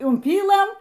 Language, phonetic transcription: Lithuanian, umˈpylɘm

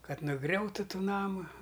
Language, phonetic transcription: Lithuanian, ˈkad nuˈgriautu ˈtų ˈnamu

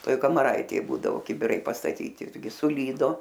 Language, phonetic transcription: Lithuanian, ˈtoj kamaˈraitėj ˈbūdavo kibiˈrai pastaˈtyti ˈirgi suˈlydo

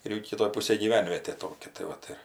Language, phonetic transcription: Lithuanian, ir ˈjau kiˈtoj ˈpusėj gyˈvenvietė ˈtokia tai ˈvat ir

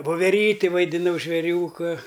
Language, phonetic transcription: Lithuanian, voveˈryti vaidiˈnau žvėˈriūka

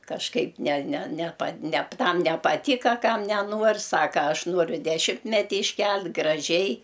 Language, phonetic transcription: Lithuanian, kažˈkaip ne ne neˈpa nep ˈtam nepaˈtyka ˈkam neˈnuor' ˈsaka ˈaš ˈnuoriu deˈšimtmeti išˈkel't' graˈžiai

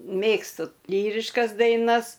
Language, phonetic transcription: Lithuanian, ˈmėgstu ˈlyriškas daiˈnas

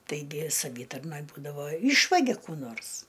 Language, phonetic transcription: Lithuanian, taiˈgi saˈvytarnoj ˈbūdavo ˈyšvagia ˈkų ˈnors

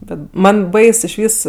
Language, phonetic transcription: Lithuanian, ˈbet ˈman' ˈbais išˈvys

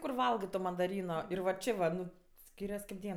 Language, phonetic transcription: Lithuanian, kur ˈvalgɜ to mandaˈryno ˈir va ˈčė va ˈnu ˈskyrias kaip ˈdien

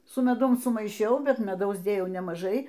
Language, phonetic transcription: Lithuanian, su meˈdum sumaiˈšiau ˈbet meˈdaus ˈdėjau nemaˈžai

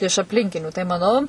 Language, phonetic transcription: Lithuanian, iš apˈlinkinių tai maˈnau

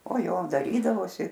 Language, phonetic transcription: Lithuanian, o ˈjo daˈrydavosi

